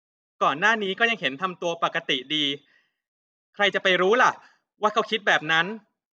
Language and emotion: Thai, frustrated